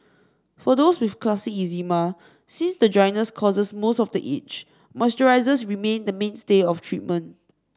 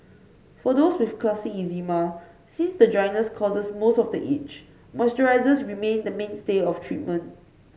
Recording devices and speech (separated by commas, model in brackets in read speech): standing microphone (AKG C214), mobile phone (Samsung C5), read sentence